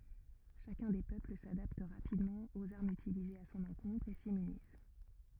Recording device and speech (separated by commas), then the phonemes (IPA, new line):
rigid in-ear microphone, read sentence
ʃakœ̃ de pøpl sadapt ʁapidmɑ̃ oz aʁmz ytilizez a sɔ̃n ɑ̃kɔ̃tʁ e simmyniz